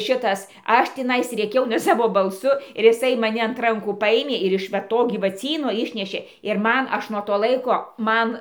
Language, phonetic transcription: Lithuanian, ˈšitas ˈaš ˈtinais rėˈkiau ne saˈvo balˈsu ir iˈsai maˈni ant ˈrankų ˈpajėmė ir iš va ˈto gyvaˈcyno ˈišnešė ir ˈman ˈaš nuo to ˈlaiko ˈman

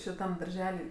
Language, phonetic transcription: Lithuanian, šiˈtam darˈželi

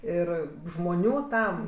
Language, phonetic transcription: Lithuanian, ˈir žmoˈnių ˈtam

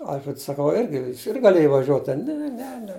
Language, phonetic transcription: Lithuanian, ˈalfreds saˈkau ˈirgi ˈjis ir gaˈlėj vaˈžiuot ˈten ˈne ne ne

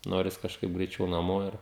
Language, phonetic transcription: Lithuanian, ˈnoris kažˈkaip greiˈčiau naˈmo ˈir

